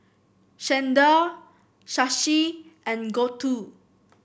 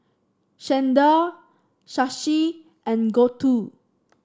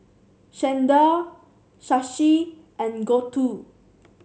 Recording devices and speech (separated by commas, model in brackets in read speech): boundary microphone (BM630), standing microphone (AKG C214), mobile phone (Samsung C7), read sentence